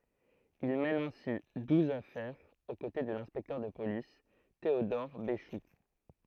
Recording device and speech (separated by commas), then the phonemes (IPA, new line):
throat microphone, read sentence
il mɛn ɛ̃si duz afɛʁz o kote də lɛ̃spɛktœʁ də polis teodɔʁ beʃu